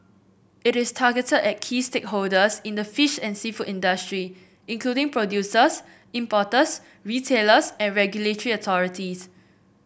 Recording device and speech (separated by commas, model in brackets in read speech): boundary microphone (BM630), read sentence